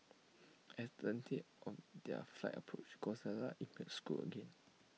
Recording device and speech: mobile phone (iPhone 6), read sentence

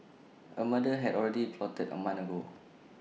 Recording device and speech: mobile phone (iPhone 6), read sentence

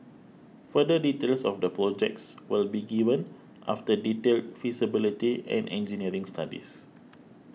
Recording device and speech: mobile phone (iPhone 6), read sentence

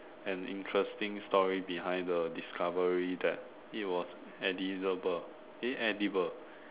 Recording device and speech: telephone, conversation in separate rooms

